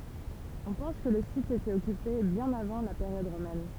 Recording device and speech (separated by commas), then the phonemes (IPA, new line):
temple vibration pickup, read sentence
ɔ̃ pɑ̃s kə lə sit etɛt ɔkype bjɛ̃n avɑ̃ la peʁjɔd ʁomɛn